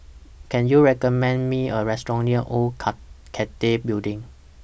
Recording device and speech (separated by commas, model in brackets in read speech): boundary microphone (BM630), read sentence